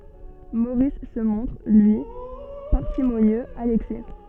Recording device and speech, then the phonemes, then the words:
soft in-ear microphone, read sentence
moʁis sə mɔ̃tʁ lyi paʁsimonjøz a lɛksɛ
Maurice se montre, lui, parcimonieux à l'excès.

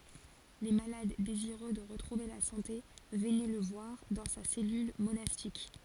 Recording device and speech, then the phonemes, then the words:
forehead accelerometer, read sentence
le malad deziʁø də ʁətʁuve la sɑ̃te vənɛ lə vwaʁ dɑ̃ sa sɛlyl monastik
Les malades désireux de retrouver la santé venaient le voir dans sa cellule monastique.

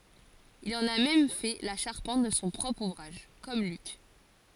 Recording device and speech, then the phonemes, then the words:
forehead accelerometer, read sentence
il ɑ̃n a mɛm fɛ la ʃaʁpɑ̃t də sɔ̃ pʁɔpʁ uvʁaʒ kɔm lyk
Il en a même fait la charpente de son propre ouvrage, comme Luc.

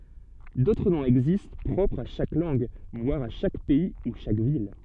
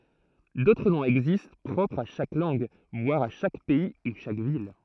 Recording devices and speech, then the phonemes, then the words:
soft in-ear microphone, throat microphone, read sentence
dotʁ nɔ̃z ɛɡzist pʁɔpʁz a ʃak lɑ̃ɡ vwaʁ a ʃak pɛi u ʃak vil
D'autres noms existent, propres à chaque langue, voire à chaque pays ou chaque ville.

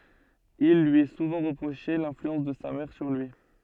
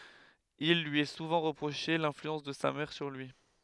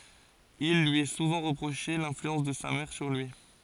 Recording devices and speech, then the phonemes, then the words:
soft in-ear microphone, headset microphone, forehead accelerometer, read sentence
il lyi ɛ suvɑ̃ ʁəpʁoʃe lɛ̃flyɑ̃s də sa mɛʁ syʁ lyi
Il lui est souvent reproché l'influence de sa mère sur lui.

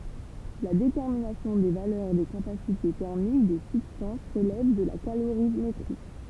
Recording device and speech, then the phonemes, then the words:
temple vibration pickup, read sentence
la detɛʁminasjɔ̃ de valœʁ de kapasite tɛʁmik de sybstɑ̃s ʁəlɛv də la kaloʁimetʁi
La détermination des valeurs des capacités thermiques des substances relève de la calorimétrie.

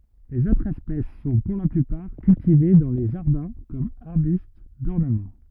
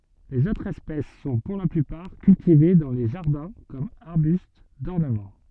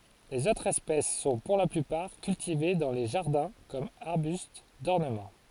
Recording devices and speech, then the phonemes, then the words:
rigid in-ear microphone, soft in-ear microphone, forehead accelerometer, read sentence
lez otʁz ɛspɛs sɔ̃ puʁ la plypaʁ kyltive dɑ̃ le ʒaʁdɛ̃ kɔm aʁbyst dɔʁnəmɑ̃
Les autres espèces sont pour la plupart cultivées dans les jardins comme arbustes d'ornement.

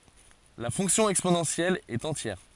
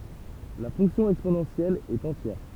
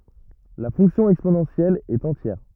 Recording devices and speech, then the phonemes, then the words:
forehead accelerometer, temple vibration pickup, rigid in-ear microphone, read sentence
la fɔ̃ksjɔ̃ ɛksponɑ̃sjɛl ɛt ɑ̃tjɛʁ
La fonction exponentielle est entière.

